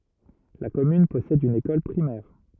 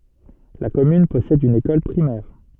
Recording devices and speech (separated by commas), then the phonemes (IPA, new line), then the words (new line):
rigid in-ear microphone, soft in-ear microphone, read sentence
la kɔmyn pɔsɛd yn ekɔl pʁimɛʁ
La commune possède une école primaire.